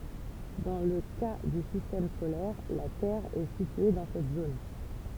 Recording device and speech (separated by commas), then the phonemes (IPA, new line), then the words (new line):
temple vibration pickup, read sentence
dɑ̃ lə ka dy sistɛm solɛʁ la tɛʁ ɛ sitye dɑ̃ sɛt zon
Dans le cas du système solaire, la Terre est située dans cette zone.